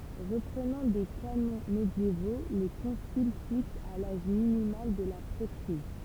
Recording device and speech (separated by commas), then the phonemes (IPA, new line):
temple vibration pickup, read sentence
ʁəpʁənɑ̃ de kanɔ̃ medjevo lə kɔ̃sil fiks a laʒ minimal də la pʁɛtʁiz